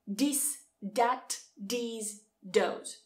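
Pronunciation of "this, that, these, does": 'This, that, these, those' are pronounced incorrectly here, not the way they are said in modern RP, though they would still be understood.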